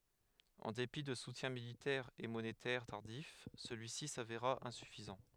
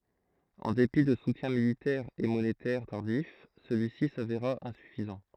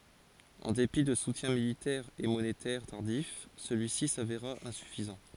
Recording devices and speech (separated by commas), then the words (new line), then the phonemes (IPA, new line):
headset microphone, throat microphone, forehead accelerometer, read sentence
En dépit de soutiens militaires et monétaires tardifs, celui-ci s'avéra insuffisant.
ɑ̃ depi də sutjɛ̃ militɛʁz e monetɛʁ taʁdif səlyisi saveʁa ɛ̃syfizɑ̃